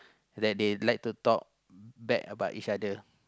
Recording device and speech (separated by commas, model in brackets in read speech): close-talking microphone, conversation in the same room